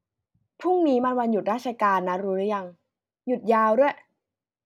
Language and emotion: Thai, neutral